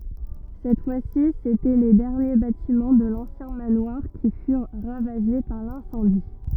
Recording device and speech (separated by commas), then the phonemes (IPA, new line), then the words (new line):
rigid in-ear microphone, read sentence
sɛt fwa si setɛ le dɛʁnje batimɑ̃ də lɑ̃sjɛ̃ manwaʁ ki fyʁ ʁavaʒe paʁ lɛ̃sɑ̃di
Cette fois-ci s'étaient les derniers bâtiments de l'ancien manoir qui furent ravagés par l'incendie.